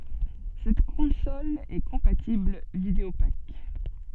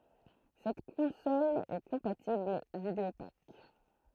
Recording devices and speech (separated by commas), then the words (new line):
soft in-ear microphone, throat microphone, read sentence
Cette console est compatible Videopac.